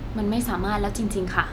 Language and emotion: Thai, frustrated